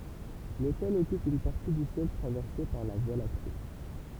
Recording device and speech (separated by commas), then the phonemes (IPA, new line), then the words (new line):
temple vibration pickup, read sentence
lotɛl ɔkyp yn paʁti dy sjɛl tʁavɛʁse paʁ la vwa lakte
L'Autel occupe une partie du ciel traversée par la Voie lactée.